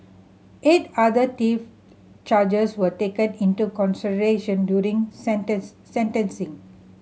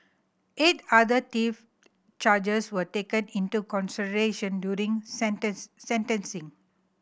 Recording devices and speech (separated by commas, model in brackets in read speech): mobile phone (Samsung C7100), boundary microphone (BM630), read sentence